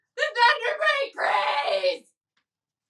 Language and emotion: English, fearful